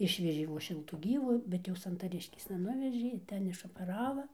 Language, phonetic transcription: Lithuanian, ˈišvežė vos ˈšiltų ˈgyvu ˈbet jau santaˈriškėsna ˈnuvežė iˈten išopeˈrava

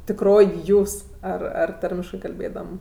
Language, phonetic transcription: Lithuanian, tikˈroj ˈjūs ˈar ar ˈtarmiškɜ kalˈbėdam

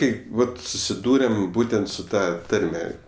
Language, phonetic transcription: Lithuanian, ˈkaip ˈvat susiˈdūrem ˈbūtent su ˈta ˈtarme

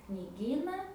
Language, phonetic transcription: Lithuanian, kniˈgyna

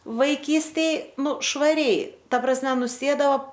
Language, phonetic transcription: Lithuanian, vaiˈkystėj ˈnu švaˈriai ˈta prasˈme nuˈsėdao

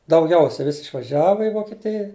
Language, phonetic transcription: Lithuanian, dauˈgiausia ˈvis' išvaˈžiava i vokeˈtija

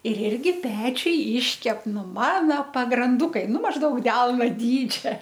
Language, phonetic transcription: Lithuanian, ir ˈirgi ˈpečiuj ˈyškep ˈnu mano pagranˈdukai ˈnu mažˈdaug ˈdelno ˈdydžia

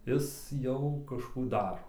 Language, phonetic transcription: Lithuanian, ˈis ˈjau kažˈkų ˈdaro

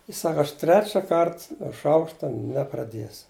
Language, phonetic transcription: Lithuanian, jis ˈsaka aš ˈtrečia ˈkart nuo ˈšaukšta nepraˈdiesu

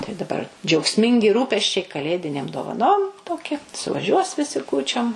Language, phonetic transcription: Lithuanian, tai daˈ bar džiaugˈsmingi ˈrūpesčiai kaˈlėdinėm dovaˈnom ˈtokia suvaˈžiuos viˈsi ˈkūčiom

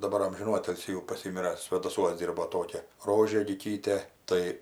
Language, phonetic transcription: Lithuanian, daˈbar ˈamžinų ˈatilsį jau paˈsymira svėdaˈsuos ˈdyrbo ˈtokia ˈrožė liˈkytė ˈtai

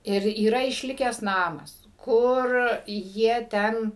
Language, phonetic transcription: Lithuanian, ˈir yˈra išˈlikęs ˈnamas ˈkur ˈjie ˈten

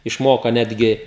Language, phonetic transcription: Lithuanian, išˈmoka ˈnetgi

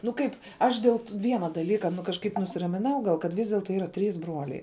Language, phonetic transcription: Lithuanian, nu ˈkaip ˈaš dėl ˈviena daˈlyka nu kažˈkaip nusiramiˈnau ˈgal kad ˈvys delˈto ˈyra ˈtrys ˈbruoliai

